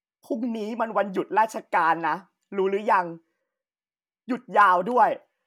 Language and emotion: Thai, frustrated